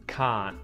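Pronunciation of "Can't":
In 'can't', the t at the end is muted.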